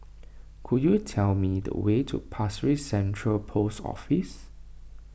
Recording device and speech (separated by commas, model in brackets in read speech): boundary microphone (BM630), read sentence